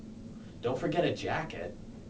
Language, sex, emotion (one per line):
English
male
neutral